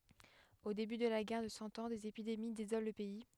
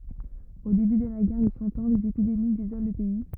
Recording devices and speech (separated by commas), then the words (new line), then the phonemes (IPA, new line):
headset microphone, rigid in-ear microphone, read sentence
Au début de la guerre de Cent Ans, des épidémies désolent le pays.
o deby də la ɡɛʁ də sɑ̃ ɑ̃ dez epidemi dezolɑ̃ lə pɛi